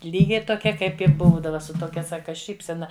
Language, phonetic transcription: Lithuanian, ˈlygiai toˈkia ˈkaip i ˈbūdava su toˈkia ˈsaka ˈšypsena

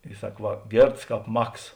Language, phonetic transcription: Lithuanian, i ˈsak ˈva ˈgėrts ˈkāp ˈmaks

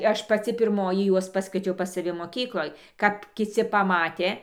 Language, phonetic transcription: Lithuanian, ˈaš paˈci pirˈmoji ˈjuos ˈpaskviečiau pas saˈvi moˈkykloj kap kiˈci paˈmatė

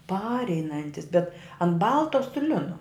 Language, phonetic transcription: Lithuanian, ˈpareinantis bet an ˈbalta su ˈlinu

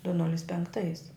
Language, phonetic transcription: Lithuanian, du ˈnulis penkˈtais

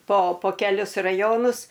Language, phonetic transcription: Lithuanian, po po keˈlius raˈjonus

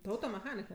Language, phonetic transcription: Lithuanian, tu automeˈchanika

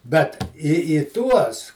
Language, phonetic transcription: Lithuanian, bet į į ˈtuos

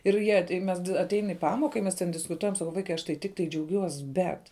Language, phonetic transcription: Lithuanian, ir ˈjie tai ˈmes aˈtein i ˈpamoka i ˈmes ten diskuˈtuojam saˈkau ˈvaikai ˈaš tai tikˈtai džiauˈgiuos ˈbet

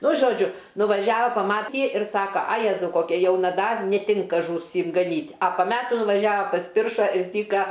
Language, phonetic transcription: Lithuanian, ˈnu žoˈdžiu nuvaˈžiava paˈmaty ir ˈsaka a ˈjezau koˈkia ˈjauna ˈdar neˈtinka žųˈsim gaˈnyt' a pa ˈmetų nuvaˈžiava pasˈpirša ir ˈtyka

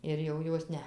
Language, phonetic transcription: Lithuanian, ir jau ˈjos ˈne

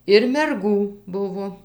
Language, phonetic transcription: Lithuanian, ir merˈgų ˈbuvo

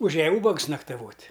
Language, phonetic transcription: Lithuanian, uˈžiaja ˈūbags naktaˈvot'

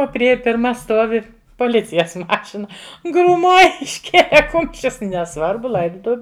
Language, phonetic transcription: Lithuanian, ˈo priˈėja pirˈma ˈstuovi poˈlicijas ˈmašina grūˈmoj išˈkėle ˈkumščius neˈsvarbu ˈlaidutuviu

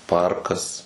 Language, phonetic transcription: Lithuanian, ˈparkas

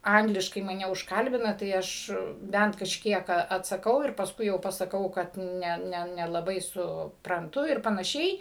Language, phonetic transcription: Lithuanian, ˈangliškai maˈne užˈkalbina tai ˈaš ˈbent kažˈkiek a atsaˈkau ir pasˈkui jau pasaˈkau kad ˈne ne nelaˈbai supranˈtu ir panaˈšiai

